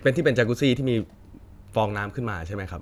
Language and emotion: Thai, neutral